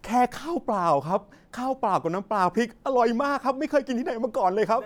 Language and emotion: Thai, happy